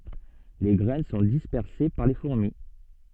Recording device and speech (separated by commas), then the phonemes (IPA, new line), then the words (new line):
soft in-ear microphone, read sentence
le ɡʁɛn sɔ̃ dispɛʁse paʁ le fuʁmi
Les graines sont dispersées par les fourmis.